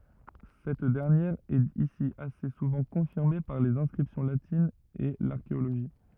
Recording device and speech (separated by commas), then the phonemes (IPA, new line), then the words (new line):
rigid in-ear microphone, read sentence
sɛt dɛʁnjɛʁ ɛt isi ase suvɑ̃ kɔ̃fiʁme paʁ lez ɛ̃skʁipsjɔ̃ latinz e laʁkeoloʒi
Cette dernière est ici assez souvent confirmée par les inscriptions latines et l'archéologie.